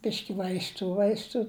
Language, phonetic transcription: Lithuanian, ˈbiški vaisˈtų ˈvaistų

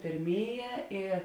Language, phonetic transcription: Lithuanian, pėrˈmėˌjē i

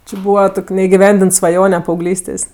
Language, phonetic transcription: Lithuanian, či ˈbūva ˈtok' neigiˈvendint svaˈjone paauˈglystės'

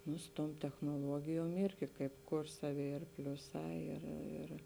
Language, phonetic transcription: Lithuanian, nu su tuom technoˈluogijuom ˈirgi kaip ˈkur ˈsaˌvi ir ˈpliuˌsā ir ir

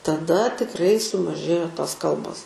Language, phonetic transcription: Lithuanian, taˈda tikˈrai sumaˈžėjo ˈtos ˈkalbos

